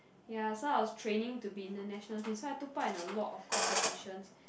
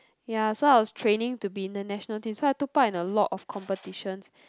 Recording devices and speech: boundary microphone, close-talking microphone, conversation in the same room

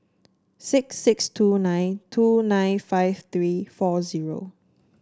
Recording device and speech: standing microphone (AKG C214), read sentence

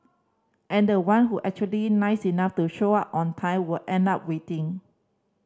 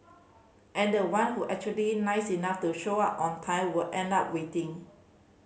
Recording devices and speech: standing microphone (AKG C214), mobile phone (Samsung C5010), read sentence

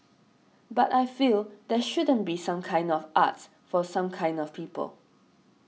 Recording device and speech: mobile phone (iPhone 6), read sentence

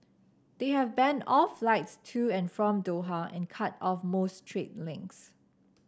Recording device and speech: standing microphone (AKG C214), read sentence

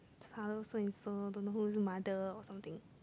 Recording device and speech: close-talking microphone, conversation in the same room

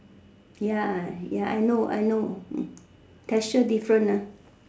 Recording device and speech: standing microphone, conversation in separate rooms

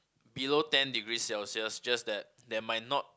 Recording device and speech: close-talking microphone, conversation in the same room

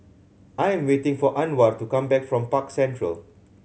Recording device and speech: mobile phone (Samsung C7100), read sentence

